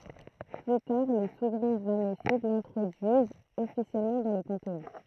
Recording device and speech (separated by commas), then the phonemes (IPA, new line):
throat microphone, read sentence
ply taʁ le suvʁɛ̃ ʁamɛsid lɛ̃tʁodyizt ɔfisjɛlmɑ̃ dɑ̃ lə pɑ̃teɔ̃